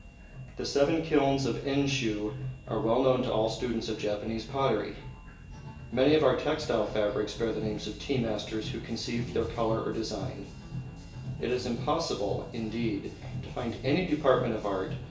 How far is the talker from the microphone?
1.8 m.